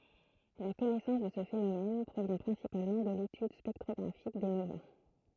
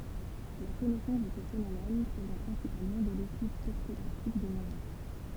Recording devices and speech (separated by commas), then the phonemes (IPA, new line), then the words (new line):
throat microphone, temple vibration pickup, read sentence
la kɔnɛsɑ̃s də sə fenomɛn pʁovjɛ̃ pʁɛ̃sipalmɑ̃ də letyd spɛktʁɔɡʁafik de nova
La connaissance de ce phénomène provient principalement de l'étude spectrographique des novas.